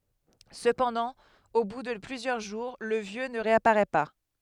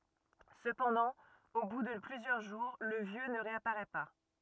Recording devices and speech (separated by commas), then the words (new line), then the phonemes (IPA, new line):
headset microphone, rigid in-ear microphone, read sentence
Cependant, au bout de plusieurs jours, le Vieux ne réapparaît pas.
səpɑ̃dɑ̃ o bu də plyzjœʁ ʒuʁ lə vjø nə ʁeapaʁɛ pa